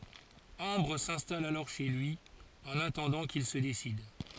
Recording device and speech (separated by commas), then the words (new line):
forehead accelerometer, read sentence
Ambre s'installe alors chez lui, en attendant qu'il se décide.